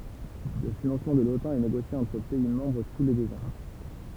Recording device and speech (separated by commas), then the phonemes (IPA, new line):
temple vibration pickup, read sentence
lə finɑ̃smɑ̃ də lotɑ̃ ɛ neɡosje ɑ̃tʁ pɛi mɑ̃bʁ tu le døz ɑ̃